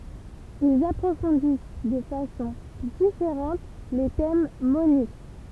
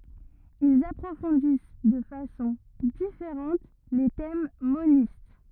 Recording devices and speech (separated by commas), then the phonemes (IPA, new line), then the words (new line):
temple vibration pickup, rigid in-ear microphone, read sentence
ilz apʁofɔ̃dis də fasɔ̃ difeʁɑ̃t le tɛm monist
Ils approfondissent de façon différente les thèmes monistes.